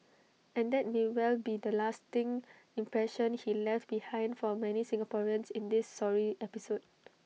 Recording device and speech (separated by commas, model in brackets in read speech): mobile phone (iPhone 6), read sentence